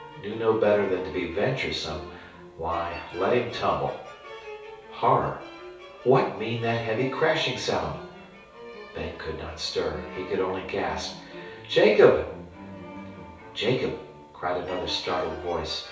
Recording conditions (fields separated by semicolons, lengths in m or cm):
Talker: one person; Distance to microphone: 3.0 m; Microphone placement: far; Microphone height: 1.8 m; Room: small (3.7 m by 2.7 m); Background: music